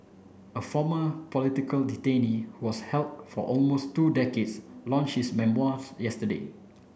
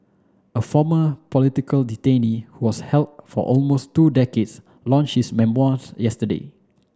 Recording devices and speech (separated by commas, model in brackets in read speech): boundary microphone (BM630), standing microphone (AKG C214), read sentence